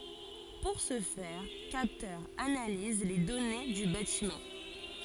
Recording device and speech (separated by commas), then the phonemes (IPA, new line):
forehead accelerometer, read sentence
puʁ sə fɛʁ kaptœʁz analiz le dɔne dy batimɑ̃